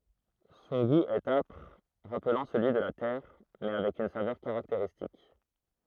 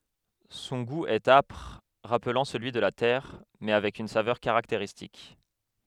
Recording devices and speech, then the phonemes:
throat microphone, headset microphone, read sentence
sɔ̃ ɡu ɛt apʁ ʁaplɑ̃ səlyi də la tɛʁ mɛ avɛk yn savœʁ kaʁakteʁistik

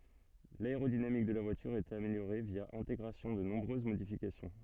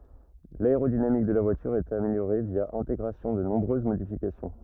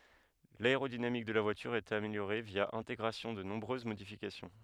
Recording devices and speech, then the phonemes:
soft in-ear microphone, rigid in-ear microphone, headset microphone, read sentence
laeʁodinamik də la vwalyʁ ɛt ameljoʁe vja ɛ̃teɡʁasjɔ̃ də nɔ̃bʁøz modifikasjɔ̃

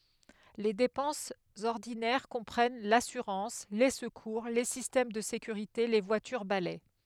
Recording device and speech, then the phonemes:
headset microphone, read sentence
le depɑ̃sz ɔʁdinɛʁ kɔ̃pʁɛn lasyʁɑ̃s le səkuʁ le sistɛm də sekyʁite le vwatyʁ balɛ

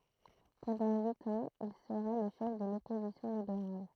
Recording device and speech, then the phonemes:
throat microphone, read sentence
pɑ̃dɑ̃ yit ɑ̃z il səʁa lə ʃɛf də lɔpozisjɔ̃ libeʁal

